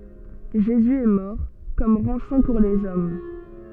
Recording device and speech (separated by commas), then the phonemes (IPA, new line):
soft in-ear microphone, read sentence
ʒezy ɛ mɔʁ kɔm ʁɑ̃sɔ̃ puʁ lez ɔm